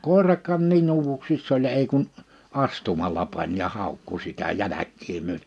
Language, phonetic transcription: Finnish, 'kòerak̆kaan nii'n ‿uuvuksiss ‿oĺ 'ei kun , 'astumalla pań ja 'hàukku sitä 'jäläk̆kii my[öten] .
- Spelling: koirakaan niin uuvuksissa oli ei kuin astumalla pani ja haukkui sitä jälkiä myöten

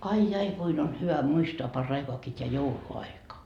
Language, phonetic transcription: Finnish, 'ai jai 'kuin on hyvä 'muistoa 'par'raikoakii t́eä "joulu₍aika .
- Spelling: ai ai kuinka on hyvä muistaa paraikaakin tämä jouluaika

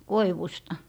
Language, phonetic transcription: Finnish, 'koiwusta .
- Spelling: koivusta

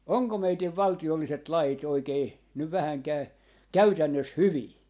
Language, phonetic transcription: Finnish, 'oŋko 'meitiv "valti₍olliset "lai't ‿oikei , nyv 'vähäŋkää , "käytännös "hyvii ?
- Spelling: onko meidän valtiolliset lait oikein nyt vähänkään käytännössä hyviä

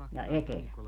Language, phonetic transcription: Finnish, ja "etelä .
- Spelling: ja etelä

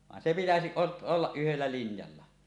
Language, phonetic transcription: Finnish, 'vàen se 'pitäsiˀ 'ˀot- , "ollaˀ 'ˀyhellä 'linjalla .
- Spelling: vaan se pitäisi - olla yhdellä linjalla

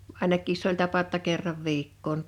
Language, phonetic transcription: Finnish, 'àinak̆kiis s ‿oĺ tapa ‿ᵒtta 'kerrav 'viikkoon .
- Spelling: ainakin se oli tapa jotta kerran viikkoon

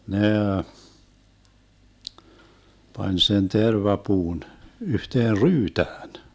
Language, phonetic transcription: Finnish, 'nee , 'pań sen "terva'puun , 'yhteer "ryytään .
- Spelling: ne pani sen tervapuun yhteen ryytään

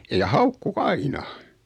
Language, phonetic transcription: Finnish, ja "haukku"k ‿aina .
- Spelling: ja haukkui aina

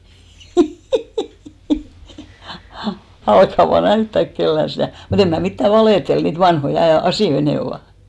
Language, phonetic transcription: Finnish, 'älkkä vaa "näyttäk kellän̬ 'stä̀ , mu't ‿em mä mittä "valètel , niit 'vanhoi a- 'asìʲoi nè ovà !
- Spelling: älkää vain näyttäkö kenellekään sitä mutta en minä mitään valehtele niitä vanhoja - asioita ne ovat

